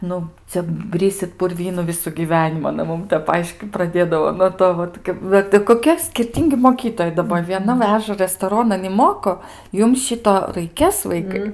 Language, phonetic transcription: Lithuanian, ˈnu ˈcia ˈbrisit purˈvynu ˈvisu gyˈvenimu aˈna ˈmum ˈtep ˈaiškyt praˈdėdavo nuo ˈto vat ˈvat i koˈkie skirˈtyngi moˈkytojai daˈba vieˈna ˈveža restoˈronan i ˈmoko ˈjum ˈšito raiˈkės ˈvaikai

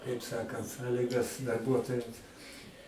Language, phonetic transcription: Lithuanian, kaip ˈsakant ˈsaligas darˈbuotojams

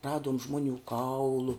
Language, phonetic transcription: Lithuanian, ˈraduom ˈžmoˌnių ˈkaulu

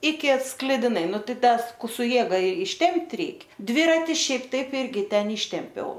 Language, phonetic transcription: Lithuanian, iki sklidiˈnai ˈnu ˈtai ˈtas ˈku su ˈjėga išˈtempt' ˈreik ˈdvirati ˈšiaip ˈtaip ˈirgi ˈten ˈyštempiau

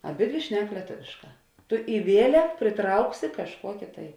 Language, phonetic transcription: Lithuanian, aˈbidvi ˈšnek lieˈtovėšˌkā ˈtu i ˈvielek priˈtrauksi kažˈkuoki tai

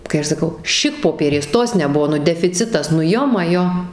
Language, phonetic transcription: Lithuanian, kai ˈaš saˈkau ˈšikpopierės ˈtos neˈbuvo defiˈcitas nu ˈjo maˈjo

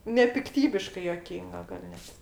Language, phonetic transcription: Lithuanian, nepikˈtybiškai juoˈkynga gal' ˈnet

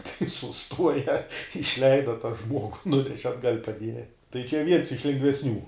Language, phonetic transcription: Lithuanian, tai suˈstuoja išˈleida ta ˈžmuogu ˈnuneše atˈgal' paˈdieja tai čia ˈviens iš lengvesˈnių

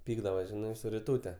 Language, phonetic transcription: Lithuanian, ˈpykdavos ˈžinai su riˈtūte

